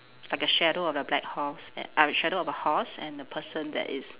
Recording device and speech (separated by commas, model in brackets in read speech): telephone, conversation in separate rooms